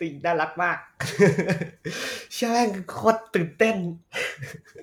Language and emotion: Thai, happy